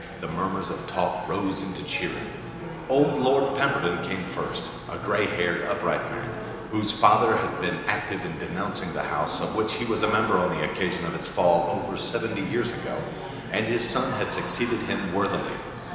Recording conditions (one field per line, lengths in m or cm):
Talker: one person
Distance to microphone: 1.7 m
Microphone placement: close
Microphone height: 1.0 m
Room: very reverberant, large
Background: babble